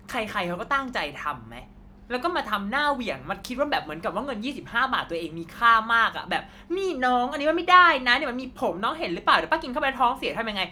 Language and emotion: Thai, angry